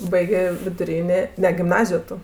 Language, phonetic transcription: Lithuanian, ˈbaigė viduˈrynė ˈne gimˈnazijo ˈtu

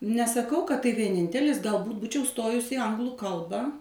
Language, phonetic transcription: Lithuanian, nesaˈkau kad tai vieˈnintelis galˈbūt ˈbūčiau ˈstojus i ˈanglu ˈkalba

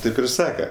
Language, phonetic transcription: Lithuanian, ˈtaip ir ˈsaka

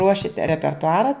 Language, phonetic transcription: Lithuanian, ˈruošit repertuˈara

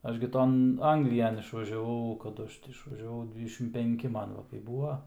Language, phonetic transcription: Lithuanian, ˈaš gi ˈton ˈanglijan išvažiaˈvau kaˈdu ˈaš ti išvažiaˈvau ˈdvydešim penˈki ˈman ˈva kai ˈbūa

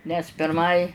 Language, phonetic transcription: Lithuanian, nes pirˈmai

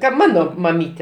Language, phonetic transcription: Lithuanian, kad ˈmano maˈmyte

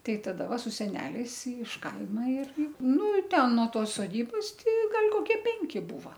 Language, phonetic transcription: Lithuanian, ˈtai taˈda ˈva su seˈneliais iš ˈkaima ir ˈnu ˈten no ˈtos soˈdybos ˈti ˈgal' koˈkie ˈpenki ˈbūva

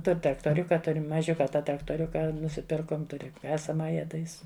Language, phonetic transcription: Lithuanian, ˈtur' traktoˈriuka ˈtur' maˈžiuka ˈtą traktoˈriuka nusiˈpirkom ˈturi ˈkasamaja tai ˈis

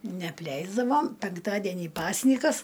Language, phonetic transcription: Lithuanian, neapˈleisdavom penkˈtadienį ˈpasnykas

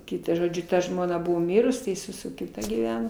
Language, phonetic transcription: Lithuanian, ˈkitą žoˈdžiu ˈta ˈžmona ˈbuvo ˈmirus tai iˈsai su su kiˈta gyˈveno

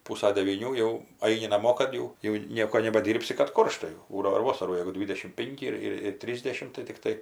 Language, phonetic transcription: Lithuanian, ˈpūsa devyˈnių jau ˈaini naˈmo ˈkad jau jau ˈnieko nebaˈdyrbsi kad ˈkoršta jau ˈbūdavo ir ˈvosarų jeigu ˈdvydešim ˈpinki ir ˈir ir ˈtrysdešim tai tikˈtai

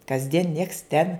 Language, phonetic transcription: Lithuanian, kasˈdien nieks ten

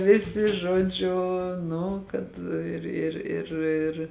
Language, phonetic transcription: Lithuanian, ˈvisi ˈžuoˌdžiu ˈnu kad ˈir ir ir ˈir

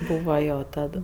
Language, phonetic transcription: Lithuanian, ˈbūva ˈjo ˈtad

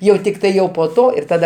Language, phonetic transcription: Lithuanian, jau ˈtiktai jau po ˈto ir ˈtada

